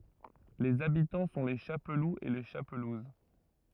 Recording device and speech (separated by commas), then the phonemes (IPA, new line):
rigid in-ear microphone, read sentence
lez abitɑ̃ sɔ̃ le ʃapluz e le ʃapluz